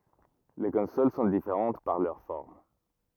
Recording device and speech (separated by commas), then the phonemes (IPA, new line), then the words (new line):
rigid in-ear microphone, read sentence
le kɔ̃sol sɔ̃ difeʁɑ̃t paʁ lœʁ fɔʁm
Les consoles sont différentes par leur forme.